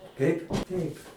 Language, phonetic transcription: Lithuanian, ˈteip ˈteip

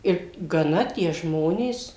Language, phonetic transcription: Lithuanian, ˈir gaˈna tie ˈžmonės

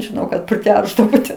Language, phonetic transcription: Lithuanian, žiˈnau kad priˈteršdavo ten

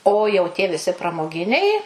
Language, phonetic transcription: Lithuanian, o jau tie viˈsi pramoˈginiai

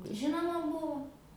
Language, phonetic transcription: Lithuanian, ˈžinoma ˈbuvu

